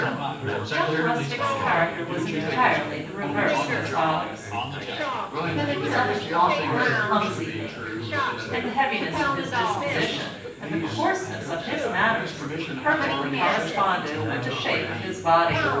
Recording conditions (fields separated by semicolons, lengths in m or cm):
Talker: one person; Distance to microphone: 9.8 m; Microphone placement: far; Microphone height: 1.8 m; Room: large; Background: babble